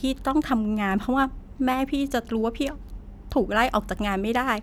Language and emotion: Thai, sad